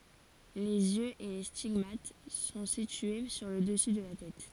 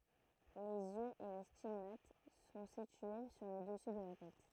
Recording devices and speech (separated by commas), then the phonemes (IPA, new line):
forehead accelerometer, throat microphone, read sentence
lez jøz e le stiɡmat sɔ̃ sitye syʁ lə dəsy də la tɛt